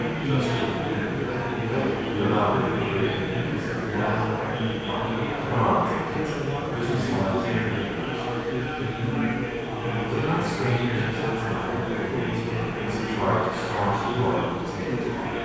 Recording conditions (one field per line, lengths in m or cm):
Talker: one person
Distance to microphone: 7.1 m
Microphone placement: far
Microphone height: 1.7 m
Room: very reverberant, large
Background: babble